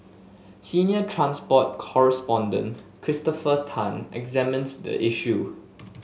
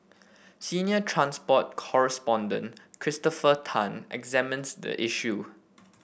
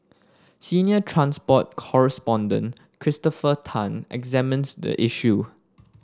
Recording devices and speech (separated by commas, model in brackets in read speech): mobile phone (Samsung S8), boundary microphone (BM630), standing microphone (AKG C214), read sentence